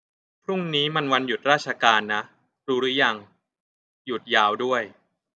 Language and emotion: Thai, neutral